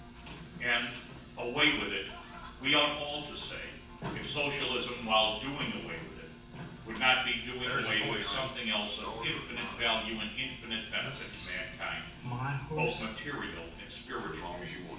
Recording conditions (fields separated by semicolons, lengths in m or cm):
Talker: one person; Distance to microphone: 9.8 m; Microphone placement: far; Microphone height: 1.8 m; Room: large; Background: television